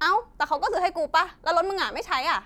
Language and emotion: Thai, angry